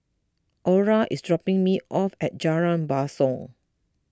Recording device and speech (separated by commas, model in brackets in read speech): close-talking microphone (WH20), read sentence